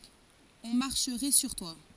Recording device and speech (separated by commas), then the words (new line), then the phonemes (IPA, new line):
forehead accelerometer, read sentence
On marcherait sur toi.
ɔ̃ maʁʃʁɛ syʁ twa